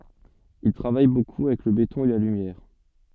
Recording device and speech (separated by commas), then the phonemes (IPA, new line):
soft in-ear microphone, read sentence
il tʁavaj boku avɛk lə betɔ̃ e la lymjɛʁ